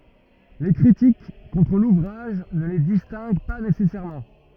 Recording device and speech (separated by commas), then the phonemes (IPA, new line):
rigid in-ear microphone, read sentence
le kʁitik kɔ̃tʁ luvʁaʒ nə le distɛ̃ɡ pa nesɛsɛʁmɑ̃